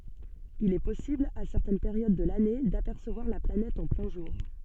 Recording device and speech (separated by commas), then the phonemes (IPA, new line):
soft in-ear microphone, read sentence
il ɛ pɔsibl a sɛʁtɛn peʁjod də lane dapɛʁsəvwaʁ la planɛt ɑ̃ plɛ̃ ʒuʁ